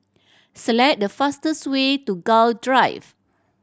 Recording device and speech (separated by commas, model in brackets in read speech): standing microphone (AKG C214), read sentence